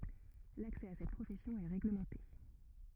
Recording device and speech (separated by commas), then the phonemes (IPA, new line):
rigid in-ear microphone, read sentence
laksɛ a sɛt pʁofɛsjɔ̃ ɛ ʁeɡləmɑ̃te